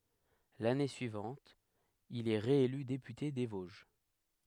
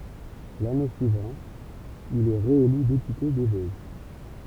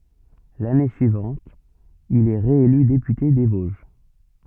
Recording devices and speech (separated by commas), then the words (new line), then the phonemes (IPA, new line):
headset microphone, temple vibration pickup, soft in-ear microphone, read sentence
L'année suivante, il est réélu député des Vosges.
lane syivɑ̃t il ɛ ʁeely depyte de voʒ